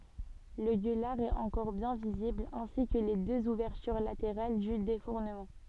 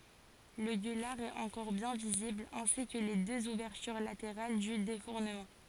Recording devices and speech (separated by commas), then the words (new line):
soft in-ear microphone, forehead accelerometer, read sentence
Le gueulard est encore bien visible, ainsi que les deux ouvertures latérales du défournement.